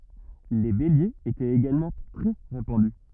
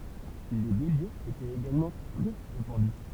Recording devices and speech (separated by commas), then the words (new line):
rigid in-ear microphone, temple vibration pickup, read sentence
Les béliers étaient également très répandus.